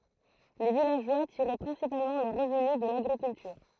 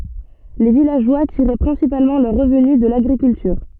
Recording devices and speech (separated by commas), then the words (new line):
throat microphone, soft in-ear microphone, read sentence
Les villageois tiraient principalement leurs revenus de l'agriculture.